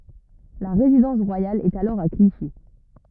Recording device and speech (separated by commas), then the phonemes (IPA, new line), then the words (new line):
rigid in-ear microphone, read sentence
la ʁezidɑ̃s ʁwajal ɛt alɔʁ a kliʃi
La résidence royale est alors à Clichy.